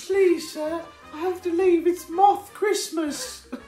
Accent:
British accent